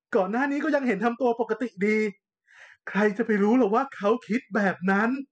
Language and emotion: Thai, frustrated